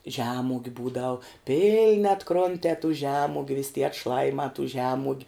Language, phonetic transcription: Lithuanian, ˈžemugiu ˈbūdau ˈpilni atˈkrontē tų ˈžemugiu vis' tie atˈšlajimā tų ˈžemuogiu

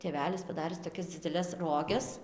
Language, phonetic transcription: Lithuanian, tėˈvelis paˈdaris toˈkias dzideˈles ˈroges

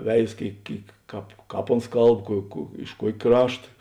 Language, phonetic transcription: Lithuanian, ˈveiz ˈkėik ˈkėik ˈkāp ˈkāp ˈons ˈkalb kuo kuo iš ˈkuok' ˈkrašta

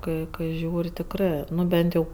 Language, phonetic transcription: Lithuanian, ˈkai kai ˈžiūri tikˈrɜ ˈnu ˈbent jau

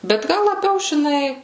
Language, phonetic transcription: Lithuanian, bet ˈgal laˈbiau žiˈnai

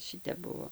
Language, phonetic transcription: Lithuanian, ˈšitep ˈbuvo

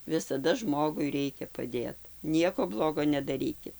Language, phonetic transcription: Lithuanian, visaˈda ˈžmogui ˈreikia paˈdėt ˈnieko ˈblogo nedaˈrykit

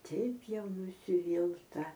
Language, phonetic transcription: Lithuanian, ˈteip ˈjau nusiˈvylta

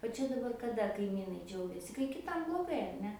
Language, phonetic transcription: Lithuanian, o ˈčia daˈbar kaˈda kaiˈmynai ˈdžiaugiasi kai kiˈtam bloˈgai ar ˈne

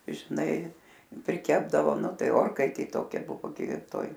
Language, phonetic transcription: Lithuanian, žiˈnai priˈkepdavo ˈnu ˈtai ˈorkaitė ˈtokia ˈbuvo gi ˈtoj

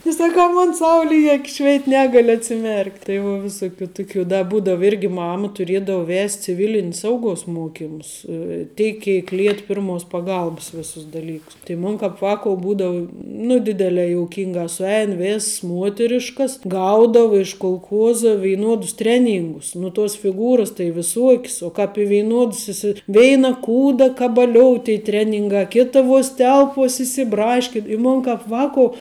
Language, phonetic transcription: Lithuanian, tai saˈkau ˈmon ˈsauli i ˈakis ˈšveit ˈnegaliu atsiˈmerkt' tai vo viˈsuˌkių ˈtuˌkių da ˈbūdav ˈirgi ˈmama tuˈriedavu ˈvest' ciˈvilin's ˈsauguos ˈmuokimus ˈteik ˈkėk ˈliet ˈpirmos paˈgalbs ˈvėsus daˈlykus tai ˈmun kāp ˈvākou ˈbūdavu nu ˈdidelē jouˈkinga suˈein ˈvėss ˈmuoteriškas ˈgaudava iš kulˈchuoza veiˈnuodus ˈtreˌnyngus nu tuos fiˈgūras tai viˈsuok's uo kāp i veiˈnuods iˈsi ˈveina ˈkūda kabaˈliou tei ˈtreningā ˈkita vuos ˈtelp vuos isiˈbraškin i ˈmon kāp ˈvākou

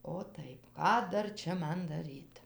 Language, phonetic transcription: Lithuanian, o tai ˈką ˈdar ˈčia ˈman ˈdaryt

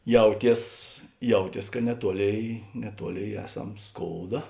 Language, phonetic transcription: Lithuanian, ˈjauˌties ˈjauˌties ka neˈtuoˌlėi neˈtuoˌlėi ˈeˌsam ˈskouda

